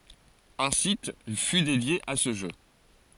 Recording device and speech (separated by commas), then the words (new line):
forehead accelerometer, read sentence
Un site fut dédié à ce jeu.